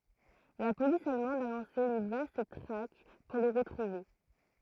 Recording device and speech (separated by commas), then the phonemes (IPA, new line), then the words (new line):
throat microphone, read sentence
la polis almɑ̃d a lɑ̃se yn vast tʁak puʁ lə ʁətʁuve
La police allemande a lancé une vaste traque pour le retrouver.